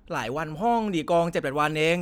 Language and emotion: Thai, frustrated